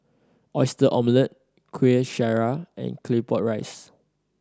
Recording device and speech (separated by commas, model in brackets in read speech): standing microphone (AKG C214), read sentence